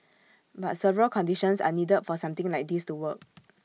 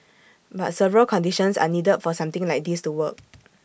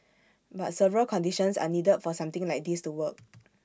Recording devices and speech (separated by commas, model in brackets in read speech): mobile phone (iPhone 6), boundary microphone (BM630), standing microphone (AKG C214), read sentence